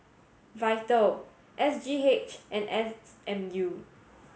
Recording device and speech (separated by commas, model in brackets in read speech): mobile phone (Samsung S8), read sentence